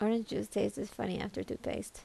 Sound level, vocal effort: 76 dB SPL, soft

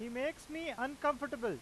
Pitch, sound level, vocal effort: 290 Hz, 97 dB SPL, loud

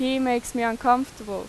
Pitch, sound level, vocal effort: 245 Hz, 90 dB SPL, loud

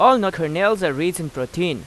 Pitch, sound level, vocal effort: 175 Hz, 93 dB SPL, loud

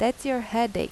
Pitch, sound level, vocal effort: 235 Hz, 86 dB SPL, normal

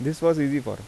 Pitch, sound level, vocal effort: 145 Hz, 86 dB SPL, normal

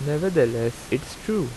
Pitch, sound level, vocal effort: 145 Hz, 83 dB SPL, normal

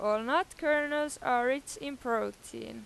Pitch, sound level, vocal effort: 255 Hz, 93 dB SPL, loud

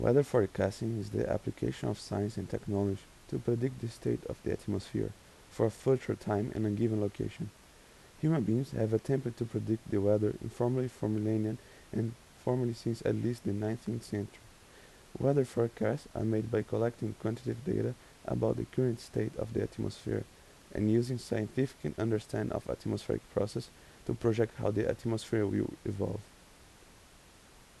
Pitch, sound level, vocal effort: 110 Hz, 81 dB SPL, soft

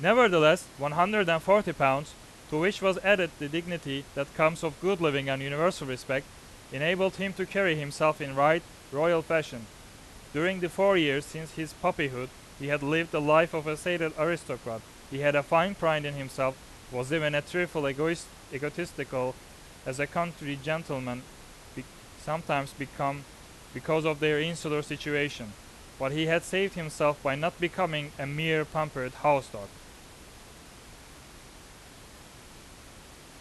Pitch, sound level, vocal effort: 150 Hz, 94 dB SPL, very loud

